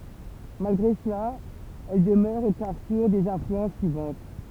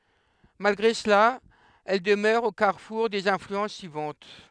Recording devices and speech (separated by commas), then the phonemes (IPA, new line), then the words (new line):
temple vibration pickup, headset microphone, read sentence
malɡʁe səla ɛl dəmœʁ o kaʁfuʁ dez ɛ̃flyɑ̃s syivɑ̃t
Malgré cela, elle demeure au carrefour des influences suivantes.